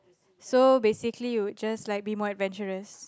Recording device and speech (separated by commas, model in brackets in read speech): close-talking microphone, conversation in the same room